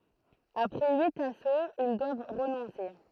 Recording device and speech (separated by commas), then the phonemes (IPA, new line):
throat microphone, read sentence
apʁɛ yit asoz il dwav ʁənɔ̃se